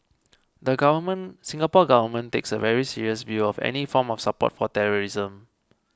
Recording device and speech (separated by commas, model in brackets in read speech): close-talking microphone (WH20), read sentence